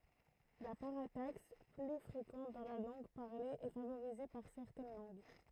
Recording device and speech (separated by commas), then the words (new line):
throat microphone, read sentence
La parataxe, plus fréquente dans la langue parlée, est favorisée par certaines langues.